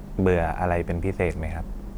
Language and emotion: Thai, neutral